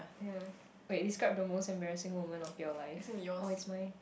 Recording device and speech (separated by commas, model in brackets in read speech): boundary microphone, conversation in the same room